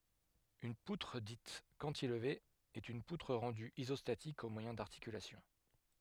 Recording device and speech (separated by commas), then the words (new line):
headset microphone, read sentence
Une poutre dite cantilever est une poutre rendue isostatique au moyen d'articulations.